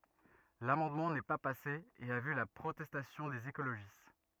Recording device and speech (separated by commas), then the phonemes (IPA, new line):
rigid in-ear microphone, read sentence
lamɑ̃dmɑ̃ nɛ pa pase e a vy la pʁotɛstasjɔ̃ dez ekoloʒist